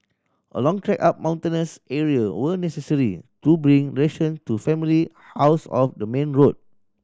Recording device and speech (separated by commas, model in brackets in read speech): standing microphone (AKG C214), read sentence